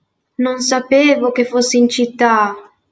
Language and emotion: Italian, surprised